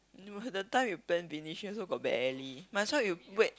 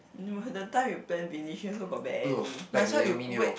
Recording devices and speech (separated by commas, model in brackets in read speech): close-talking microphone, boundary microphone, conversation in the same room